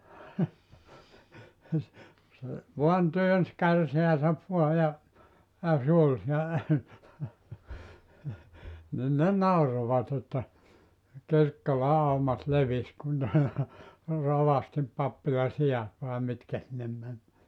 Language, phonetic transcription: Finnish, se , 'vuan 'työns 'kärseäsäv vua ja , ja 'sᵉ ‿ol sielä , 'nin ne "naurovat ‿että , 'Kirkkola 'aumat 'levis kun ne , 'rovastim 'pappila 'si₍at vàe 'mitkä sinnem män .
- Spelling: se vain työnsi kärsänsä vain ja ja se oli siellä niin ne nauroivat että Kirkkolan aumat levisi kun ne rovastin pappilan siat vai mitkä sinne meni

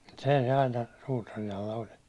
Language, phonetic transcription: Finnish, se se aina , 'suutarin ‿alla oĺ .
- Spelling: se se aina suutarin alla oli

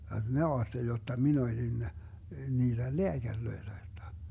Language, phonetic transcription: Finnish, (vaik minä) 'aatteli jotta mi'n ‿olin , 'niillel "leäGärlöille vertaa .
- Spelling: vaikka minä ajattelin jotta minä olin niille lääkäreille vertaa

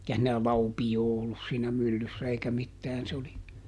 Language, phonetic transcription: Finnish, [ei]kä siinä "laupijoo ˈollus siinä ˈmyllyssä eikä ˈmittään se oli ,.
- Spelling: eikä siinä laupiota ollut siinä myllyssä eikä mitään se oli

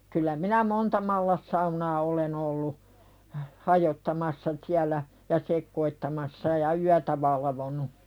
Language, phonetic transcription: Finnish, kyl̆lä "minä 'monta mallassaunaa olen ‿ollu , 'hajottamassa siällä , ja 'sekkoittamassa ja "yätä valavonu .
- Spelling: kyllä minä monta mallassaunaa olen ollut hajottamassa siellä ja sekoittamassa ja yötä valvonut

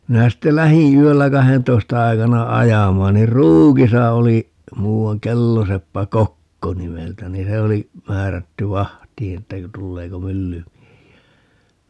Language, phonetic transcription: Finnish, 'minä sitte "lähiḭ 'yöllä "kahentoista 'aikana "ajamaan nir "Ruukisa oli , 'muu₍aŋ "kelloseppä "Kokko 'nimeltä ni 'se oli , 'määrätty "vahtii että (ku) 'tulleeko "myllymiehi₍ä .
- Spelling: minä sitten lähdin yöllä kahdentoista aikana ajamaan niin Ruukissa oli muuan kelloseppä Kokko nimeltä niin se oli määrätty vahtiin että kun tuleeko myllymiehiä

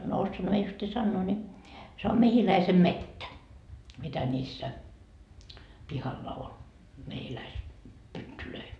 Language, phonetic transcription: Finnish, no "ossoanha mie justii 'sannoo ni , se om 'mehiläisem"mettä , 'mitä ńiissä , 'pihalla 'ol , 'mehiläis- , 'pyttylöi .
- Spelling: no osaanhan minä justiin sanoa niin se on mehiläisenmettä mitä niissä pihalla oli - mehiläispyttyjä

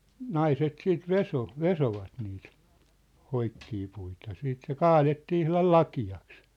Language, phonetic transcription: Finnish, naiset 'siit "veso , "vesovat niit , 'hoikkii puita , 'siit se "kaalettii 'ihlal "laki₍aks .
- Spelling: naiset sitten vesoi vesoivat niitä hoikkia puita sitten se kaadettiin ihan lakeaksi

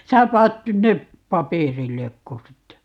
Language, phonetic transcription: Finnish, 'sää 'paat 'nyn nep , "papèrillekko sitte ?
- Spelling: sinä panet nyt ne paperilleko sitten

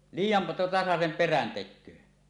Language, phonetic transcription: Finnish, 'liij̀jan tasasem perän 'tek̆köö .
- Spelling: liian tasaisen perän tekee

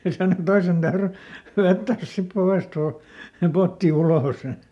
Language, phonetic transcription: Finnish, ja sano ˈtoisen täyry , ˈvettääs sip ˈpovèsˈt ‿uu- , se ˈpotti "ulòs .
- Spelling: ja sanoi toisen täytyi vetää sitten povesta - se potti ulos

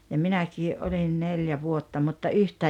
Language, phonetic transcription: Finnish, ja 'minäkii’ '’olin "neljä 'vuotta mutta "yhtää ,.
- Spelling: ja minäkin olin neljä vuotta mutta yhtään

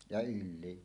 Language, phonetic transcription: Finnish, ja 'yl̆lii .
- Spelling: ja ylikin

